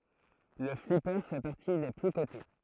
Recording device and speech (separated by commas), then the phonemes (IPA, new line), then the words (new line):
throat microphone, read sentence
lə flipe fɛ paʁti de ply kote
Le flipper fait partie des plus cotés.